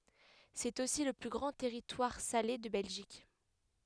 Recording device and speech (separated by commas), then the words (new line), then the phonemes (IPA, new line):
headset microphone, read sentence
C’est aussi le plus grand territoire salé de Belgique.
sɛt osi lə ply ɡʁɑ̃ tɛʁitwaʁ sale də bɛlʒik